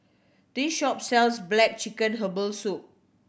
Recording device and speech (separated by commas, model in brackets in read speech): boundary microphone (BM630), read sentence